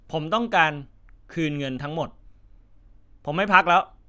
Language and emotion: Thai, frustrated